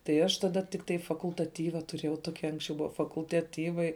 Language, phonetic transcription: Lithuanian, tai ˈaš taˈda tikˈtai fakultaˈtyva tuˈrėjau ˈtoki ˈanksčiau ˈbuva fakultaˈtyvai

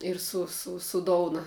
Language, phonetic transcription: Lithuanian, ir ˈsu su su ˈdouna

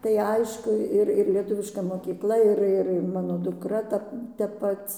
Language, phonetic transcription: Lithuanian, tai ˈaišku ˈir ir lieˈtuviška mokykˈla ir ˈir ir ˈmano duˈkra ˈta tep ˈpac

